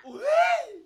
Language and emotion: Thai, happy